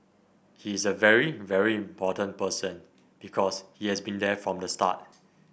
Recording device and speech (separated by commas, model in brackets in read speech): boundary microphone (BM630), read sentence